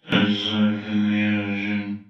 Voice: deep soft voice